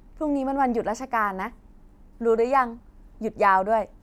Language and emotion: Thai, neutral